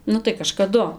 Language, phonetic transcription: Lithuanian, ˈnu tai kažkaˈdu

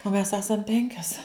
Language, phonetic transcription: Lithuanian, o mes ˈesam ˈpenkias

